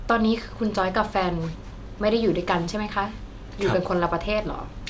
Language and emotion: Thai, neutral